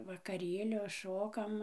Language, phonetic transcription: Lithuanian, vakaˈrėlio ˈšokam

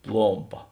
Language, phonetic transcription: Lithuanian, ˈplompa

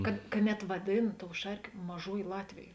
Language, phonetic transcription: Lithuanian, kad ka ˈnet vaˈdėn tou ˈšarkė ˈmažuojė ˈlatvėjė

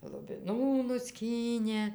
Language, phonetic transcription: Lithuanian, lubiˈnų nuˈskynė

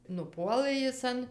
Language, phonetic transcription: Lithuanian, nuˈpuolɘ ˈjis an

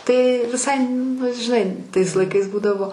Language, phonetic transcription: Lithuanian, tai viˈsai nu žiˈnai tais laiˈkais ˈbūdavo

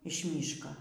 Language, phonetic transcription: Lithuanian, iš ˈmyško

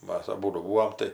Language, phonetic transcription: Lithuanian, ˈmas aˈbūdu ˈbūom tai

